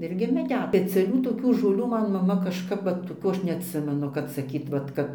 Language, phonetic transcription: Lithuanian, ˈirgi meˈdet peciaˈlių toˈkių žoˈlių ˈman maˈma kažˈkap ˈvat toˈkių ˈaš neatˈsimenu kad saˈkyt vat ˈkad

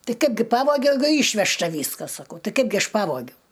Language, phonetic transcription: Lithuanian, ˈtai ˈkaipgi ˈpavogiau ˈeigu ˈyšvežta ˈvyskas saˈkau ˈtai ˈkaipgi ˈaš ˈpavogiau

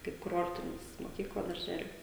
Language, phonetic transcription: Lithuanian, kaip kuˈrortinis moˈkykla darˈželiu

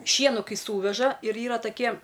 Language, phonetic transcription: Lithuanian, ˈšienu ˈkai ˈsūveža ir ˈyra taˈkie

